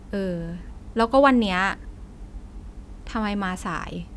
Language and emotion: Thai, frustrated